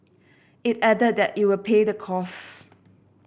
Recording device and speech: boundary microphone (BM630), read sentence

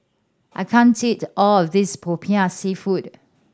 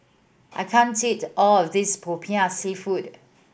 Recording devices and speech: standing microphone (AKG C214), boundary microphone (BM630), read sentence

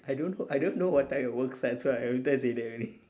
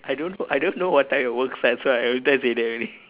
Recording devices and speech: standing microphone, telephone, conversation in separate rooms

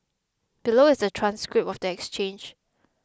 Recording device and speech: close-talking microphone (WH20), read sentence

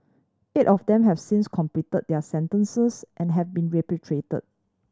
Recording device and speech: standing microphone (AKG C214), read sentence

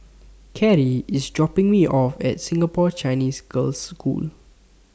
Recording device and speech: standing microphone (AKG C214), read sentence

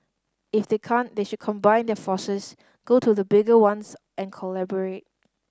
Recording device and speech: standing microphone (AKG C214), read sentence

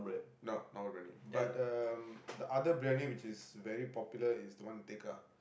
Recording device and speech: boundary microphone, conversation in the same room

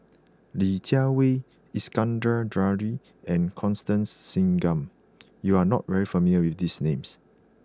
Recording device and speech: close-talking microphone (WH20), read sentence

